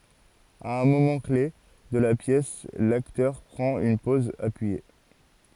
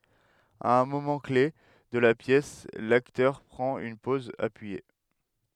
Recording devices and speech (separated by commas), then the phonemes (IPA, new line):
forehead accelerometer, headset microphone, read sentence
a œ̃ momɑ̃ kle də la pjɛs laktœʁ pʁɑ̃t yn pɔz apyije